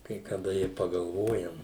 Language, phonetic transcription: Lithuanian, kai kaˈda i pagalˈvojam

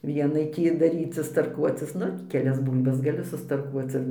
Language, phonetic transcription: Lithuanian, ˈvienai ˈtį daˈrycis tarˈkuocis ˈnu keˈlias ˈbūl'bas gaˈli sustarˈkuoc ir

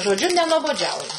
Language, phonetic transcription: Lithuanian, žoˈdžiu nenuoboˈdžiauju

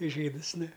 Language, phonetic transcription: Lithuanian, ˈžydɨs ˈnu

